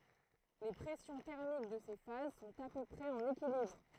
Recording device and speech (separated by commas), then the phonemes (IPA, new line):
throat microphone, read sentence
le pʁɛsjɔ̃ tɛʁmik də se faz sɔ̃t a pø pʁɛz ɑ̃n ekilibʁ